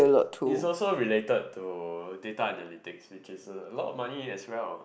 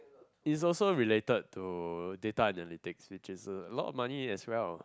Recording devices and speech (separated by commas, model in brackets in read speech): boundary microphone, close-talking microphone, conversation in the same room